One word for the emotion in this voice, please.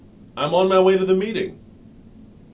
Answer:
neutral